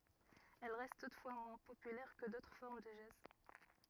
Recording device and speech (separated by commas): rigid in-ear microphone, read sentence